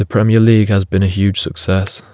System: none